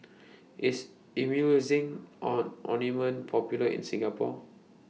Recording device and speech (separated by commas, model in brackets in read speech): mobile phone (iPhone 6), read sentence